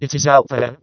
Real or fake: fake